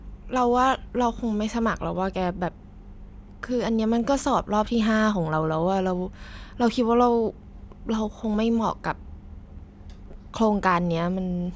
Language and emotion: Thai, frustrated